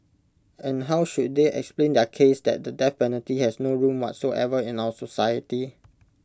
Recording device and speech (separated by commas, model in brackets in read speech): close-talking microphone (WH20), read sentence